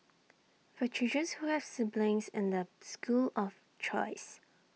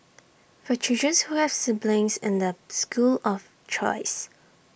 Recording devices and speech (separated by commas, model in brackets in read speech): mobile phone (iPhone 6), boundary microphone (BM630), read sentence